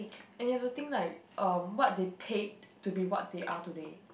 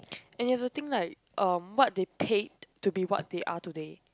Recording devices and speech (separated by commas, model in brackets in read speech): boundary microphone, close-talking microphone, conversation in the same room